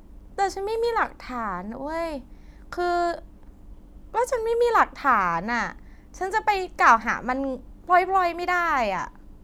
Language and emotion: Thai, frustrated